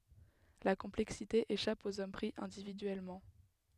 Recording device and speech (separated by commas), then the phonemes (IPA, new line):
headset microphone, read sentence
la kɔ̃plɛksite eʃap oz ɔm pʁi ɛ̃dividyɛlmɑ̃